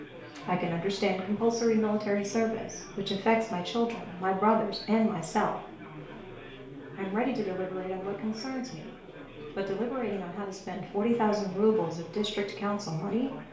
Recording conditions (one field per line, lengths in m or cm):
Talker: one person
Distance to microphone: 1.0 m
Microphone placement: close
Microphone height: 1.1 m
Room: small (3.7 m by 2.7 m)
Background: babble